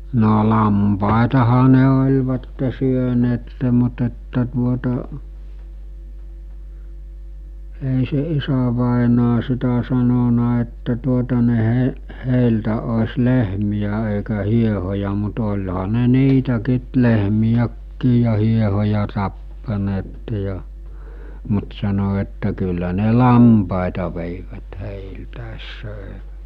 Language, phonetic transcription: Finnish, no 'lampàetaha ne oĺvatte syöneette mut ‿että tuota , èi se 'isävàenaa sitä sanona että tuota ne he- , 'hèiltä os̜ 'lehmijä èikä 'hiehoja mut oĺha ne 'niitäkiit- , lehmijäkkii ja hiehoja tappaneette ja , mut sano että kyllä ne "lampàeta vèivät 'hèiltä̀es 'sö̀e(vät) .
- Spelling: no lampaitahan ne olivat syöneet mutta että tuota ei se isävainaja sitä sanonut että tuota ne - heiltä olisi lehmiä eikä hiehoja mutta olihan ne niitäkin lehmiäkin ja hiehoja tappaneet ja mutta sanoi että kyllä ne lampaita veivät heiltä söivät

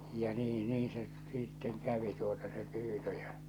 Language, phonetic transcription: Finnish, ja 'nii 'nii se , sitteŋ kävi tuota se 'pyytö ᴊᴀ .
- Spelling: ja niin niin se sitten kävi tuota se pyytö ja

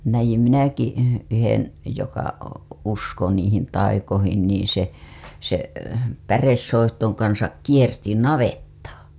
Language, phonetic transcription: Finnish, näjim 'minäki , yhen , joka , usko niihin taikohin niin̬ se , se , 'päressoihtoŋ kansak 'kierti "navettaa .
- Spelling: näin minäkin yhden joka uskoi niihin taikoihin niin se se päresoihtujen kanssa kiersi navettaa

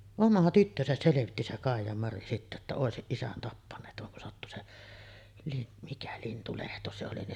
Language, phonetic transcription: Finnish, "oma 'tyttösäs selevitti se 'Kàij̆jamari sittä että 'òesiˀ 'ˀisän tappaǹeet vaŋ kun sattu se , Lin- , mikä 'Lintulehto se oli ni .
- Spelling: oma tyttönsä selvitti se Kaijamari sitten että olisi isän tappaneet vaan kun sattui se - mikä Lintulehto se oli niin

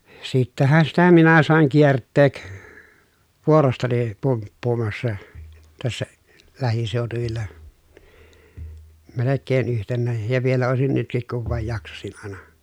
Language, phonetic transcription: Finnish, sittähän sitä minä sàeŋ kiertteek , vuorostani , pumppuumassa , tässä , lähisèotuvilla , melekkeen yhtennääj ja vielä òesin nytkik kuv vàej jaksasin àena .
- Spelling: sittenhän sitä minä sain kiertää vuorostani pumppuamassa tässä lähiseutuvilla melkein yhtenään ja vielä olisin nytkin kun vain jaksaisin aina

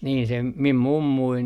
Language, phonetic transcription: Finnish, niin sem , mim "mummuin .
- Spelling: niin sen minun mummuni

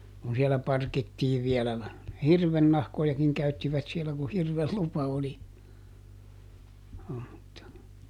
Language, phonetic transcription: Finnish, kun sielä ˈparkittiiv viɛlä na- , "hirvennahkojakiŋ ˈkäyttivät sielä ku ˈhirvel ˈlupa oli , (joo mutta) .
- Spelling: kun siellä parkittiin vielä - hirvennahkojakin käyttivät siellä kun hirven lupa oli joo mutta

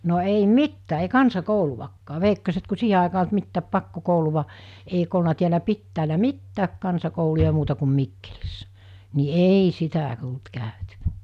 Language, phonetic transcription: Finnish, no 'ei "mittää ei "kansa'kouluvakkaa 'veikkoset ku 'siihe àekaa olt 'mittääp 'pakko-'kouluva , eik ‿olna tiälä 'pittäälä "mittääk 'kansakouluja muuta kum 'Mikkelissᴀ̈ , ni 'eei sitä tult 'kä̀ötyvᴀ̈ .
- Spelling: no ei mitään ei kansakoulua veikkoset kun siihen aikaan ollut mitään pakkokoulua eikö ollut täällä pitäjällä mitään kansakouluja muuta kuin Mikkelissä niin ei sitä tullut käytyä

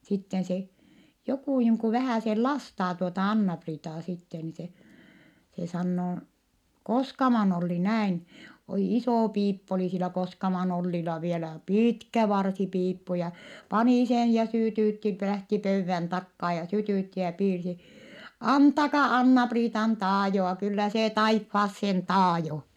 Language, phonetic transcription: Finnish, sitten se , jokù niiŋ ku vähä̀sel lastaa tuota Anna-Priitaa sitte ni se , se sannoo , Koskaman Olli näin , olì isò piippu olì silä Koskaman Ollila vielä piitkä varsipiippu ja , panì sen ja sỳtỳtti lähti pöyvvän takkaa ja sytỳtti ja piirsi , » antaka Anna-Priitan taajoa kyllä se taiffaassen taajo » .
- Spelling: sitten se joku niin kuin vähäsen lastaa tuota Anna-Priitaa sitten niin se se sanoo Koskaman Olli näin oli iso piippu oli sillä Koskaman Ollilla vielä pitkä varsipiippu ja pani sen ja sytytti lähti pöydän takaa ja sytytti ja piirsi antakaa Anna-Priitan taajoa kyllä se taivaaseen taajoo

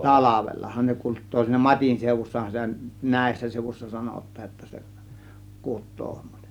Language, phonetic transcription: Finnish, talavellahan ne 'kut̆too , siinä "mat͕in sèuvussahan sitä , "nä̀ėssä 'sèŭvuśsa 'sanot̆taaj jotta se , 'kut̆too .
- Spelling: talvellahan ne kutee siinä matin seudussahan sitä näissä seudussa sanotaan jotta se kutee

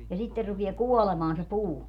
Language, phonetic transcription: Finnish, ja 'sitter rupie "kuolemaan se "puu .
- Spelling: ja sitten rupeaa kuolemaan se puu

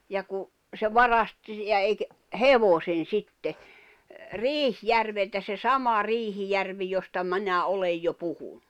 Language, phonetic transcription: Finnish, ja ku , se "varast , ja eik- , "hevosen̬ 'sitte , "Riihjärveltä se "sama 'Riihijärvi josta 'minä 'olej jo 'puhuɴɴᴜ .
- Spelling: ja kun se varasti ja - hevosen sitten Riihijärveltä se sama Riihijärvi josta minä olen jo puhunut

